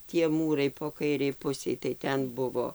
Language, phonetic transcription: Lithuanian, tie ˈmūrai po ˈkairei ˈpusei tai ˈten ˈbuvo

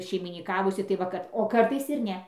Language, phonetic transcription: Lithuanian, šeimyniˈkavusi tai ˈva kad o ˈkartais ir ˈne

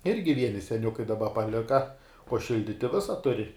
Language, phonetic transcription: Lithuanian, ˈirgi ˈvieni seˈniukai daˈba paˈlika uo ˈšilditi ˈvisa tuˈri

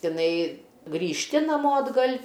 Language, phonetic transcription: Lithuanian, tiˈnai grįžˈti naˈmo atˈgal'

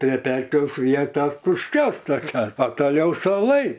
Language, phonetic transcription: Lithuanian, prie ˈpečiaus ˈvietos tušˈčios toˈkios o toˈliau suoˈlai

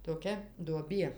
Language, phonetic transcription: Lithuanian, toˈkia duoˈbie

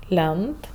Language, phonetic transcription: Lithuanian, ˈlent

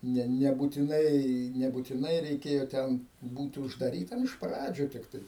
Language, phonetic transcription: Lithuanian, ˈne nebutiˈnai nebutiˈnai reiˈkėjo ˈten ˈbūti uždaˈrytam iš ˈpradžių tikˈtai

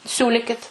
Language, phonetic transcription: Lithuanian, ˈsiūlikit

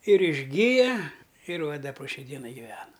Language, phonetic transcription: Lithuanian, ir išˈgija ir va ˈda po ˈšiai ˈdienai giˈvena

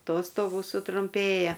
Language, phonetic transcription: Lithuanian, ˈtostogų sutrumˈpėja

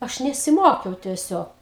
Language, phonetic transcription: Lithuanian, ˈaš nesiˈmokiau tieˈsiog

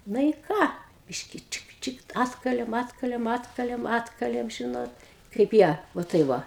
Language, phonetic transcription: Lithuanian, ˈna i ˈką ˈbiški ˈčik ˈčik ˈatkalėm ˈatkalėm ˈatkalėm ˈatkalėm ˈžinot kaip ˈjie va ˈtai ˈva

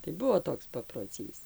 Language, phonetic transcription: Lithuanian, tai ˈbuo ˈtoks paproˈcys

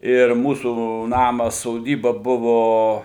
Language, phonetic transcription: Lithuanian, ir ˈmūsų ˈnamas soˈdyba ˈbuvo

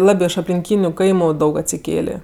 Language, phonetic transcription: Lithuanian, ˈlabė iš aplinˈkyniu ˈkaimu ˈdaug atsiˈkėlė

